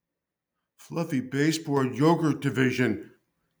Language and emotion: English, fearful